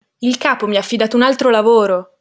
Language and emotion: Italian, angry